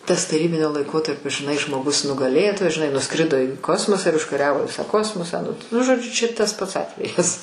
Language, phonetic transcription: Lithuanian, tas taˈrybinio laiˈkotarpio žiˈnai žmoˈgus nugaˈlėtojas žiˈnai nuˈskrido į ˈkosmosą ir užkaˈriavo ˈvisą ˈkosmosą nu ˈnu žoˈdžiu ˈčia tas ˈpats ˈatvejas

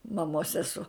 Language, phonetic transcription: Lithuanian, maˈmos seˈsuo

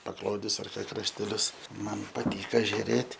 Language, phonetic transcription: Lithuanian, pakˈlodis ar krašteˈlius ˈman paˈtyka žiuˈrėt'

